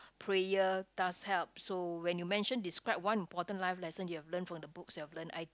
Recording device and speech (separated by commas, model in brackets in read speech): close-talking microphone, conversation in the same room